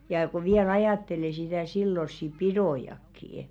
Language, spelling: Finnish, ja kun vielä ajattelee sitä silloisia pitojakin
- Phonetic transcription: jà ko 'viä"l ‿ajàttele sitä̀ 'sillossi "pidòjakkii .

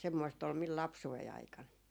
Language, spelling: Finnish, semmoista oli minun lapsuuteni aikana
- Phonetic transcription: semmoist ‿ol mil 'lapsu₍ei aikan .

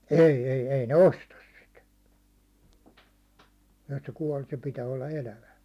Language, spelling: Finnish, ei ei ei ne osta sitä että se - se pitää olla elävä
- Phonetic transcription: ei , 'eij ‿ei ne "ostas sit , et se kuål- , se 'pitää olla "elävä .

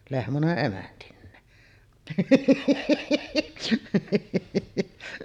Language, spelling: Finnish, lehmä emäntineen
- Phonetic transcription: lehmone’ ’emäntinnee .

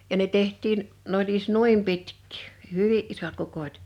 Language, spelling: Finnish, ja ne tehtiin ne oli edes noin pitkiä hyvin isot kukot
- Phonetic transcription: ja ne 'teht̀iin , 'n ‿oĺ ies "nuim 'pitkkɪɪ , "hʏvi’ ’isot 'kukot́ .

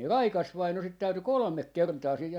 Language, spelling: Finnish, niin Raikas vainaja sitten täytyi kolme kertaa siinä
- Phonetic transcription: ni "Raikas 'vaino sit 'täyty "kolᵒmek 'kertaa sii , .

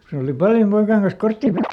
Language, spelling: Finnish, kun se oli paljon poikain kanssa korttia -
- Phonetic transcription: ko ˈse oli ˈpaljom ˈpoikàⁱŋ kans ˈkorttì pela-

